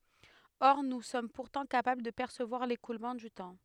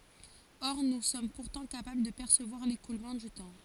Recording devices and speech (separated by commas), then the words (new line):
headset microphone, forehead accelerometer, read sentence
Or nous sommes pourtant capables de percevoir l'écoulement du temps.